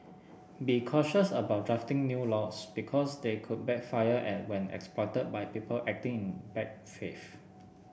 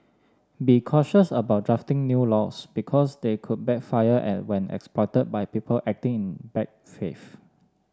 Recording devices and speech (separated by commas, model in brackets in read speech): boundary microphone (BM630), standing microphone (AKG C214), read sentence